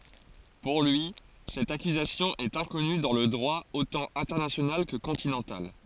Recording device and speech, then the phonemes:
forehead accelerometer, read sentence
puʁ lyi sɛt akyzasjɔ̃ ɛt ɛ̃kɔny dɑ̃ lə dʁwa otɑ̃ ɛ̃tɛʁnasjonal kə kɔ̃tinɑ̃tal

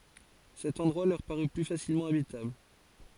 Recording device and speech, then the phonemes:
forehead accelerometer, read sentence
sɛt ɑ̃dʁwa lœʁ paʁy ply fasilmɑ̃ abitabl

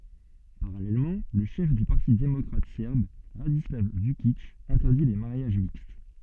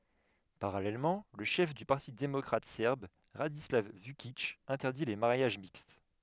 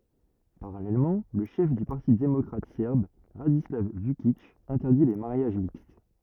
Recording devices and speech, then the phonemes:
soft in-ear microphone, headset microphone, rigid in-ear microphone, read sentence
paʁalɛlmɑ̃ lə ʃɛf dy paʁti demɔkʁatik sɛʁb ʁadislav vykik ɛ̃tɛʁdi le maʁjaʒ mikst

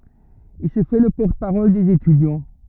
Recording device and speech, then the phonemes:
rigid in-ear microphone, read sentence
il sə fɛ lə pɔʁt paʁɔl dez etydjɑ̃

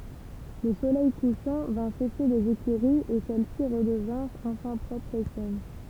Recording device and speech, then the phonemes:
temple vibration pickup, read sentence
lə solɛj kuʃɑ̃ vɛ̃ seʃe lez ekyʁiz e sɛlɛsi ʁədəvɛ̃ʁt ɑ̃fɛ̃ pʁɔpʁz e sɛn

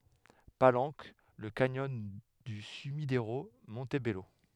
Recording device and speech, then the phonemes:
headset microphone, read sentence
palɑ̃k lə kanjɔn dy symideʁo mɔ̃tbɛlo

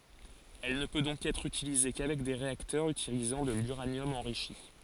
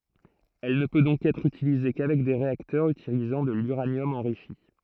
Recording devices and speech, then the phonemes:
forehead accelerometer, throat microphone, read sentence
ɛl nə pø dɔ̃k ɛtʁ ytilize kavɛk de ʁeaktœʁz ytilizɑ̃ də lyʁanjɔm ɑ̃ʁiʃi

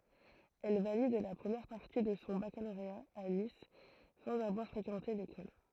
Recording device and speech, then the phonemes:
throat microphone, read sentence
ɛl valid la pʁəmjɛʁ paʁti də sɔ̃ bakaloʁea a nis sɑ̃z avwaʁ fʁekɑ̃te lekɔl

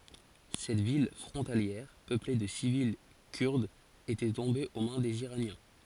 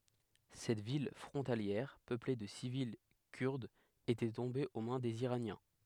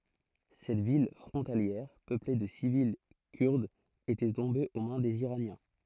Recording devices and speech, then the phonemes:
forehead accelerometer, headset microphone, throat microphone, read sentence
sɛt vil fʁɔ̃taljɛʁ pøple də sivil kyʁdz etɛ tɔ̃be o mɛ̃ dez iʁanjɛ̃

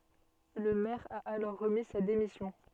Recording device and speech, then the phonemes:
soft in-ear microphone, read sentence
lə mɛʁ a alɔʁ ʁəmi sa demisjɔ̃

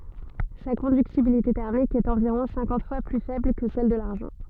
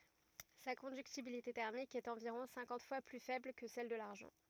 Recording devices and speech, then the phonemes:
soft in-ear microphone, rigid in-ear microphone, read sentence
sa kɔ̃dyktibilite tɛʁmik ɛt ɑ̃viʁɔ̃ sɛ̃kɑ̃t fwa ply fɛbl kə sɛl də laʁʒɑ̃

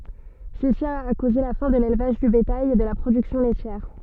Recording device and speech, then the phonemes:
soft in-ear microphone, read sentence
səsi a koze la fɛ̃ də lelvaʒ dy betaj e də la pʁodyksjɔ̃ lɛtjɛʁ

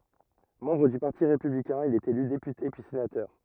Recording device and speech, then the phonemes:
rigid in-ear microphone, read sentence
mɑ̃bʁ dy paʁti ʁepyblikɛ̃ il ɛt ely depyte pyi senatœʁ

